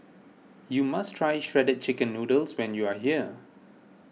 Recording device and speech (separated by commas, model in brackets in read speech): mobile phone (iPhone 6), read sentence